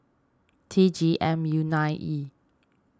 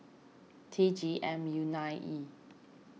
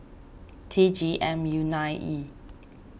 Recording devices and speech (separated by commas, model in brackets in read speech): standing microphone (AKG C214), mobile phone (iPhone 6), boundary microphone (BM630), read sentence